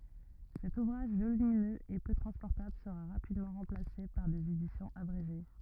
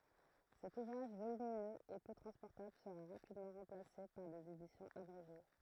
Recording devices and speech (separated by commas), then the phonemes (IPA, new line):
rigid in-ear microphone, throat microphone, read sentence
sɛt uvʁaʒ volyminøz e pø tʁɑ̃spɔʁtabl səʁa ʁapidmɑ̃ ʁɑ̃plase paʁ dez edisjɔ̃z abʁeʒe